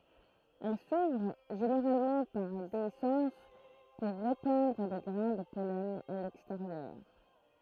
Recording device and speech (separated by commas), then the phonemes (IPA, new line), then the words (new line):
throat microphone, read sentence
ɛl suvʁ ʒeneʁalmɑ̃ paʁ deisɑ̃s puʁ ʁepɑ̃dʁ le ɡʁɛ̃ də pɔlɛn a lɛksteʁjœʁ
Elles s'ouvrent, généralement par déhiscence, pour répandre les grains de pollen à l'extérieur.